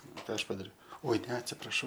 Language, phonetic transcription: Lithuanian, ˈką ˈaš padaˈriau oi ne atsipraˈšau

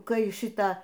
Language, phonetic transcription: Lithuanian, ˈkai ˈšitą

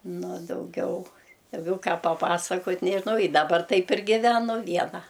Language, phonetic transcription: Lithuanian, ˈnu o dauˈgiau dauˈgiau ˈką paˈpasakot' nežiˈnau i daˈbar ˈtaip ir giˈvenu ˈviena

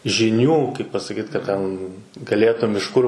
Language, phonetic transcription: Lithuanian, žiˈnių kaip pasaˈkyt ka ˈten gaˈlėtum iš ˈkur

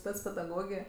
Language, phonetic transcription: Lithuanian, ˈspec pedaˈgogė

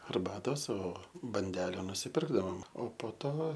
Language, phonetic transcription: Lithuanian, arˈbatos o banˈdele nusiˈpirkdavom o po ˈto

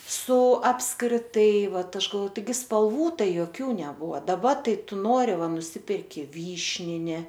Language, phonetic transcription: Lithuanian, su apskriˈtai ˈvat ˈaš galˈvo taiˈgi spalˈvų ˈtai joˈkių neˈbuva daˈba ˈtai ˈtu ˈnori ˈva nuˈsiperki ˈvyšnini

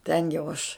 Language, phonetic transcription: Lithuanian, ˈten jau aš

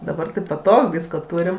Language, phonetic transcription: Lithuanian, daˈbar tai ˈpatog ˈvysko ˈtūrim

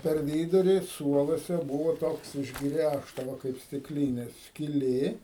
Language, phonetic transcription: Lithuanian, per ˈvyduri ˈsuoluose ˈbūvo ˈtoks išˈgræžta ˈva kaip stikˈlynė skiˈlė

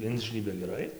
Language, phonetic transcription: Lithuanian, ˈinžnybia geˈrai

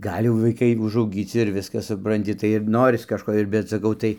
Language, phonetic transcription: Lithuanian, ˈgal' jau vaiˈkai užauˈgyci ir ˈviskas supranˈti tai ir ˈnoris kažˈko ir bet saˈkau ˈtai

